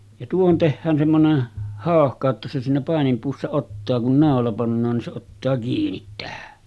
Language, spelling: Finnish, ja tuohon tehdään semmoinen hauhka että se siinä paininpuussa ottaa kun naula pannaan niin se ottaa kiinni tähän
- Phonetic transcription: ja tuohon tehhään semmonen , 'hàohka että se siinä pàenimpuussa 'ottaa kun 'nàola pannaan nin se ottaa 'kiinit tähä .

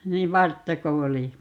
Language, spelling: Finnish, niin varttako oli
- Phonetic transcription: 'niiv "varttako 'oli ?

